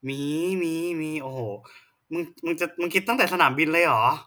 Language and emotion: Thai, neutral